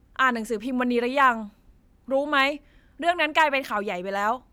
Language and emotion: Thai, frustrated